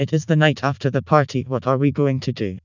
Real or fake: fake